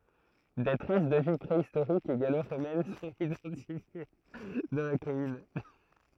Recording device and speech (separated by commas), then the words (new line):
throat microphone, read sentence
Des traces de vie préhistorique et gallo-romaine sont identifiées dans la commune.